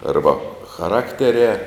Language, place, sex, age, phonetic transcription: Lithuanian, Žemaitija, male, 60+, ˈarba chaˈrakterē

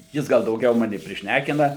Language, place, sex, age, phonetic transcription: Lithuanian, Suvalkija, male, 60+, ˈjis ˈgal dauˈgiau ˈmani prišˈnækina

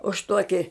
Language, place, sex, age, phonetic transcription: Lithuanian, Žemaitija, female, 60+, už ˈtuoki

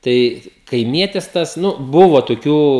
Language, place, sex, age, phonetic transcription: Lithuanian, Žemaitija, male, 18-60, ˈtai kaiˈmietis ˈtas ˈnu ˈbuvo toˈkių

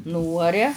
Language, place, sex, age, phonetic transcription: Lithuanian, Žemaitija, female, 60+, ˈnūaria

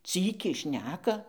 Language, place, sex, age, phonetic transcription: Lithuanian, Dzūkija, female, 60+, ˈcykiai ˈšneka

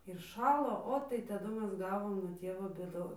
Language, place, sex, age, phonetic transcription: Lithuanian, Dzūkija, female, 18-60, ir ˈšalo ˈo tai taˈdu ˈmes ˈgavom nuo ˈtievo bėˈdon

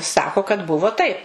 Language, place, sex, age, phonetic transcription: Lithuanian, Suvalkija, female, 60+, ˈsako kad ˈbuvo taip

